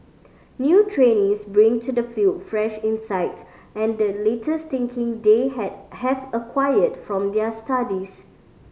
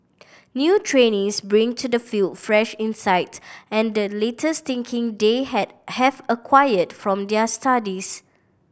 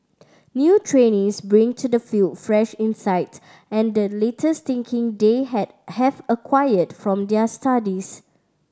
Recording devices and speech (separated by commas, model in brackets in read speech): mobile phone (Samsung C5010), boundary microphone (BM630), standing microphone (AKG C214), read sentence